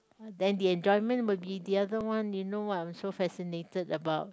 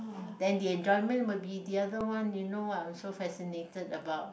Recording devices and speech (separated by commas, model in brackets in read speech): close-talking microphone, boundary microphone, conversation in the same room